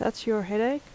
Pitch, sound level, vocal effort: 225 Hz, 79 dB SPL, soft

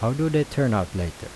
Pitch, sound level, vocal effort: 115 Hz, 82 dB SPL, normal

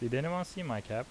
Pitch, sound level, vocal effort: 130 Hz, 83 dB SPL, normal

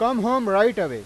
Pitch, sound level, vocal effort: 230 Hz, 101 dB SPL, very loud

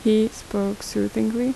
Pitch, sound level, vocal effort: 210 Hz, 78 dB SPL, normal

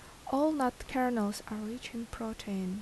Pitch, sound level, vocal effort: 225 Hz, 76 dB SPL, soft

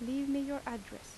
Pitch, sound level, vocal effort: 275 Hz, 83 dB SPL, soft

